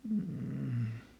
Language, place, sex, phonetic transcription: Finnish, Lieto, male, m̥ .
- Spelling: mm

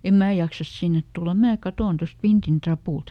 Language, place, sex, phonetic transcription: Finnish, Lieto, female, ˈem "mää jaksas ˈsinnet tulla ˈmää "katòn ˈtost ˈvintin "trapùlt » .
- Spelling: en minä jaksa sinne tulla minä katson tuosta vintin rapulta

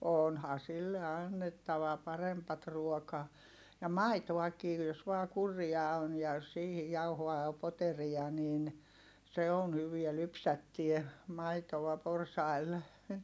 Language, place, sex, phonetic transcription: Finnish, Heinola, female, on , oonha sille annettava parempat ruokaa , ja maitoakii jos vaa kurria on ja jos sihi jauhoa (ja) poteriʲa nin , se on hyviä lypsättie , maitoᵛa porsail .
- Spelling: on onhan sille annettava parempaa ruokaa ja maitoakin jos vain kurria on ja jos siihen jauhoa ja poteria niin se on hyvää lypsättää maitoa porsailla

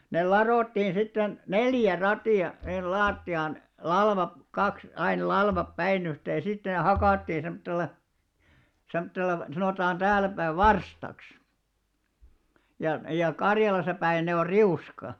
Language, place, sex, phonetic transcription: Finnish, Alastaro, male, nel 'laròttiin sitten , "neljä 'ratì₍a , hin 'laatti₍aan , 'lalvap- , 'kaks ain 'lalvap 'päinyhtee ja sitten ne 'hakàttiin 'semttel̆la , 'semttella , sanòtaan 'täälläpäiv "varstaks , ja , ja 'Karjalasa päin ne or "riuska .
- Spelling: ne ladottiin sitten neljä ratia sinne lattiaan - kaksi aina latvat päin yhteen ja sitten ne hakattiin semmoisella semmoisella sanotaan täälläpäin varstaksi ja ja Karjalassa päin ne on riuska

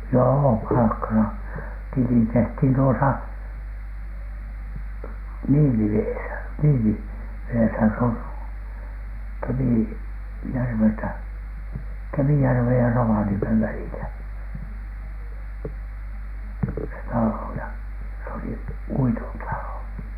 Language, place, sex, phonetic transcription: Finnish, Alatornio, male, joo "palakka saa- , "tili tehthin 'tuosa , "Niiliveesä , 'Niiliveesä s ‿oŋ 'Kemì- , -järveltä , 'Kemijärvej ja 'Rovaniemev välilä , 'se "talò ja , s ‿oli "uiton 'talò .
- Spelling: joo palkka - tili tehtiin tuossa Niilivedessä Niilivedessä se on - Kemijärveltä Kemijärven ja Rovaniemen välillä se talo ja se oli uiton talo

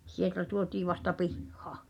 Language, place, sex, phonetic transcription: Finnish, Pihtipudas, female, 'sieltä tuotii vasta "pihhᴀ̀ .
- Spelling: sieltä tuotiin vasta pihaan

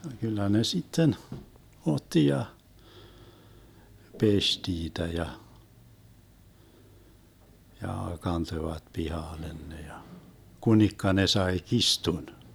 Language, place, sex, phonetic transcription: Finnish, Vermlanti, male, 'kyllä ne 'sitten , 'otti ja , "peś 'tiitä ja , ja 'kantoⁱvat "pihàlen 'ne ja , 'kunikka ne 'sae "kistun .
- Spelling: kyllä ne sitten otti ja pesi niitä ja ja kantoivat pihalle ne ja kunikka ne sai kirstun

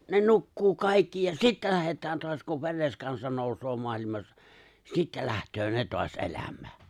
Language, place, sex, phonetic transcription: Finnish, Lapinlahti, male, 'ne 'nukkuu "kàikki ja "sittä 'lähet̀ään toas kuv "vḙres 'kansa 'nòusoo 'moalimassa , "sittä 'lähtöö "ne 'toas '’eläm̀ää .
- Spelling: ne nukkuu kaikki ja sitten lähdetään taas kun veres kansa nousee maailmassa sitten lähtee ne taas elämään

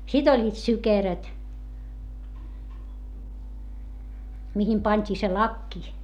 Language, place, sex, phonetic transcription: Finnish, Hietamäki, female, sit ‿oĺĺiit sykeröt , mihim pańt́ii se lakki .
- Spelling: sitten olivat sykeröt mihin pantiin se lakki

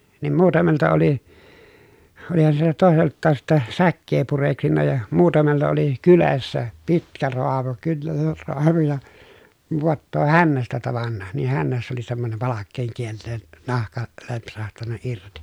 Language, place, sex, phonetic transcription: Finnish, Pielisjärvi, male, niim muutamelta oli , olihan siltä tòeselttaas sittɛ , säkkee pureksinna ja , muutamella oli , kylessä , pitkä roamu kynner roamu ja , voattoo hännästä tavanna , niih hännässä oli semmonem palakkeeŋ kielleen , nahka , lempsahtanna irti .
- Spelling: niin muutamalta oli olihan siltä toiseltakin sitten säkää pureksinut ja muutamalla oli kyljessä pitkä raamu kynnen raamu ja vaattoo hännästä tavannut niin hännässä oli semmoinen palkeen kielen nahka lempsahtanut irti

